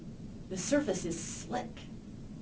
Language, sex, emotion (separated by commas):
English, female, neutral